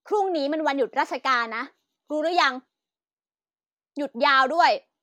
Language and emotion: Thai, angry